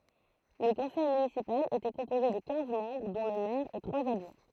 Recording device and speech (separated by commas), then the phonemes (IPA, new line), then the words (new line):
throat microphone, read sentence
lə kɔ̃sɛj mynisipal etɛ kɔ̃poze də kɛ̃z mɑ̃bʁ dɔ̃ lə mɛʁ e tʁwaz adʒwɛ̃
Le conseil municipal était composé de quinze membres, dont le maire et trois adjoints.